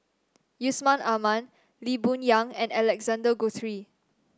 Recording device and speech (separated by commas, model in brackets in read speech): standing microphone (AKG C214), read sentence